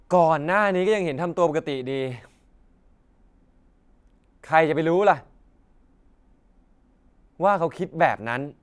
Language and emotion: Thai, frustrated